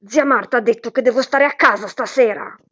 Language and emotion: Italian, angry